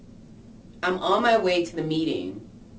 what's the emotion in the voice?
neutral